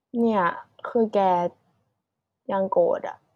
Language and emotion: Thai, sad